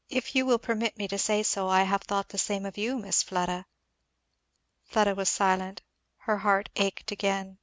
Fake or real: real